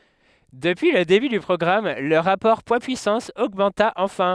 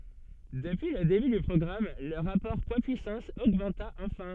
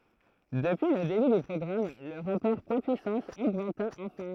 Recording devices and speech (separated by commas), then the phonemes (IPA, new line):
headset microphone, soft in-ear microphone, throat microphone, read sentence
dəpyi lə deby dy pʁɔɡʁam lə ʁapɔʁ pwadspyisɑ̃s oɡmɑ̃ta ɑ̃fɛ̃